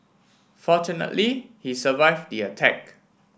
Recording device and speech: boundary microphone (BM630), read sentence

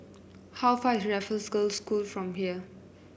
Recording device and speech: boundary microphone (BM630), read sentence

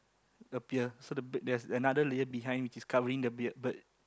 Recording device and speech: close-talking microphone, conversation in the same room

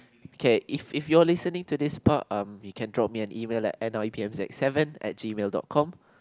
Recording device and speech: close-talking microphone, conversation in the same room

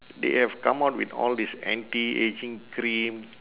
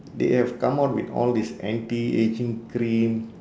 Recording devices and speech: telephone, standing microphone, conversation in separate rooms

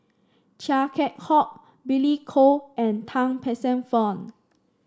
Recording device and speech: standing microphone (AKG C214), read sentence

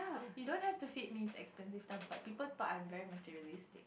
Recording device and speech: boundary microphone, conversation in the same room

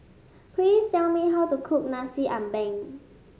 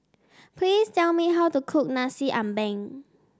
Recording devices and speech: mobile phone (Samsung S8), standing microphone (AKG C214), read sentence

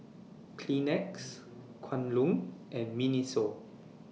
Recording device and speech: mobile phone (iPhone 6), read sentence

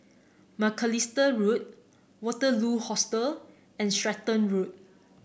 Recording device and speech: boundary microphone (BM630), read sentence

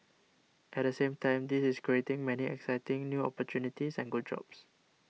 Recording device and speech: mobile phone (iPhone 6), read sentence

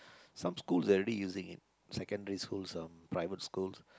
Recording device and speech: close-talking microphone, conversation in the same room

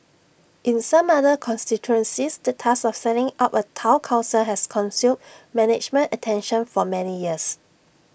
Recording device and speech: boundary microphone (BM630), read sentence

